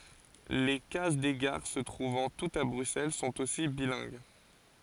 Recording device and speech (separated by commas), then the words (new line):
forehead accelerometer, read sentence
Les cases des gares, se trouvant toutes à Bruxelles, sont aussi bilingues.